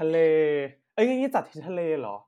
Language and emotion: Thai, happy